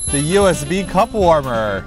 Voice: advertising voice